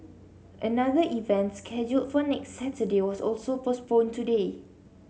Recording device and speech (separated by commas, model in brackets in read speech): mobile phone (Samsung C7), read sentence